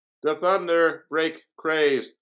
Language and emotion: English, neutral